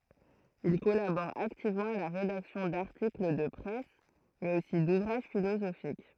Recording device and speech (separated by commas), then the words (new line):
throat microphone, read sentence
Il collabore activement à la rédaction d'articles de presse, mais aussi d'ouvrages philosophiques.